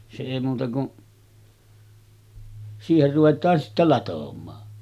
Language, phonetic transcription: Finnish, se 'èi muuta ku’ , siiher ruvet̆taan sittä 'latom̆maa .
- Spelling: se ei muuta kuin siihen ruvetaan sitten latomaan

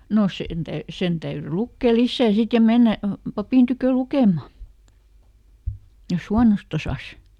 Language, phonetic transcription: Finnish, ˈno ˈsen täy- , ˈsen täyry ˈlukkè "lissä̀ ˈsit ja "mennä , ˈpapìn tykö "lukem̆ma , jos "huanost ‿osas .
- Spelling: no sen - sen täytyi lukea lisää sitten ja mennä papin tykö lukemaan jos huonosti osasi

